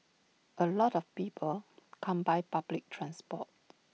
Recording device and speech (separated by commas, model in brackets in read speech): mobile phone (iPhone 6), read sentence